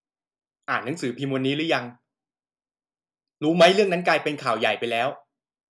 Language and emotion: Thai, frustrated